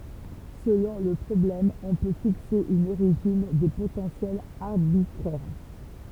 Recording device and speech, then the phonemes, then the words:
temple vibration pickup, read sentence
səlɔ̃ lə pʁɔblɛm ɔ̃ pø fikse yn oʁiʒin de potɑ̃sjɛlz aʁbitʁɛʁ
Selon le problème, on peut fixer une origine des potentiels arbitraire.

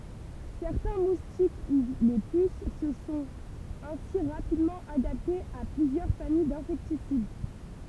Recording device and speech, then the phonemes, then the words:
temple vibration pickup, read sentence
sɛʁtɛ̃ mustik u le pys sə sɔ̃t ɛ̃si ʁapidmɑ̃ adaptez a plyzjœʁ famij dɛ̃sɛktisid
Certains moustiques, ou les puces se sont ainsi rapidement adaptés à plusieurs familles d'insecticides.

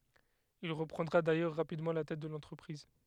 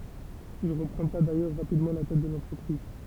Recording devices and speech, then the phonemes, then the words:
headset microphone, temple vibration pickup, read sentence
il ʁəpʁɑ̃dʁa dajœʁ ʁapidmɑ̃ la tɛt də lɑ̃tʁəpʁiz
Il reprendra d'ailleurs rapidement la tête de l'entreprise.

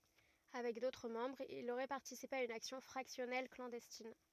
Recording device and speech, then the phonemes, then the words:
rigid in-ear microphone, read sentence
avɛk dotʁ mɑ̃bʁz il oʁɛ paʁtisipe a yn aksjɔ̃ fʁaksjɔnɛl klɑ̃dɛstin
Avec d'autres membres, il aurait participé à une action fractionnelle clandestine.

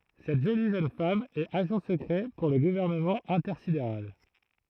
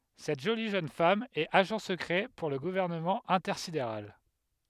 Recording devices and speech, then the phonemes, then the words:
throat microphone, headset microphone, read sentence
sɛt ʒoli ʒøn fam ɛt aʒɑ̃ səkʁɛ puʁ lə ɡuvɛʁnəmɑ̃ ɛ̃tɛʁsideʁal
Cette jolie jeune femme est agent secret pour le Gouvernement intersidéral.

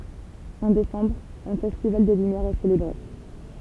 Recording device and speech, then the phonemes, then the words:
temple vibration pickup, read sentence
ɑ̃ desɑ̃bʁ œ̃ fɛstival de lymjɛʁz ɛ selebʁe
En décembre, un festival des lumières est célébré.

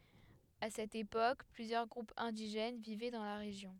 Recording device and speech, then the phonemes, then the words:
headset microphone, read sentence
a sɛt epok plyzjœʁ ɡʁupz ɛ̃diʒɛn vivɛ dɑ̃ la ʁeʒjɔ̃
À cette époque, plusieurs groupes indigènes vivaient dans la région.

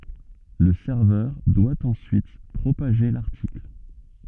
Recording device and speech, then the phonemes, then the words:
soft in-ear microphone, read sentence
lə sɛʁvœʁ dwa ɑ̃syit pʁopaʒe laʁtikl
Le serveur doit ensuite propager l'article.

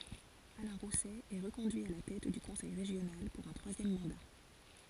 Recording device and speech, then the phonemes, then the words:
forehead accelerometer, read sentence
alɛ̃ ʁusɛ ɛ ʁəkɔ̃dyi a la tɛt dy kɔ̃sɛj ʁeʒjonal puʁ œ̃ tʁwazjɛm mɑ̃da
Alain Rousset est reconduit à la tête du conseil régional pour un troisième mandat.

